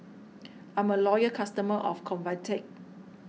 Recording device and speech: mobile phone (iPhone 6), read sentence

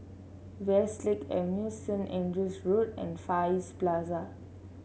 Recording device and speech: mobile phone (Samsung C7), read sentence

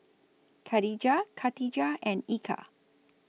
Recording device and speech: mobile phone (iPhone 6), read sentence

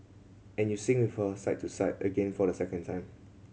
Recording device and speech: mobile phone (Samsung C7100), read sentence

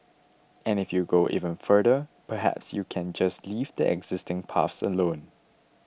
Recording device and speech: boundary microphone (BM630), read sentence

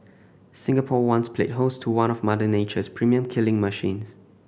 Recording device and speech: boundary microphone (BM630), read sentence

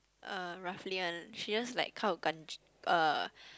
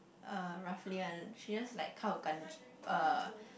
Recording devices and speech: close-talking microphone, boundary microphone, conversation in the same room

